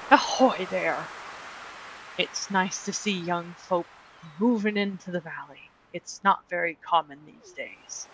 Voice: seafaring type voice